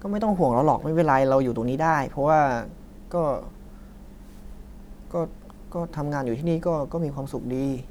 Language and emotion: Thai, frustrated